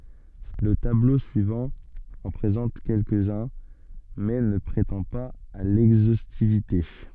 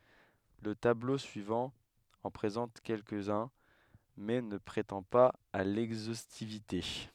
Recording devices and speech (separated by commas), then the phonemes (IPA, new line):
soft in-ear microphone, headset microphone, read sentence
lə tablo syivɑ̃ ɑ̃ pʁezɑ̃t kɛlkəzœ̃ mɛ nə pʁetɑ̃ paz a lɛɡzostivite